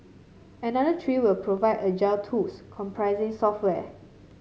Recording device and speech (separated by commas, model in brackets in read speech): mobile phone (Samsung C7), read sentence